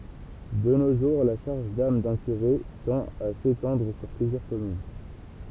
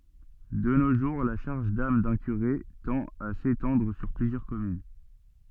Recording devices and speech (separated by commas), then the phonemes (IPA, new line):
temple vibration pickup, soft in-ear microphone, read sentence
də no ʒuʁ la ʃaʁʒ dam dœ̃ kyʁe tɑ̃t a setɑ̃dʁ syʁ plyzjœʁ kɔmyn